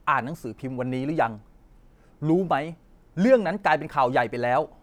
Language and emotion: Thai, frustrated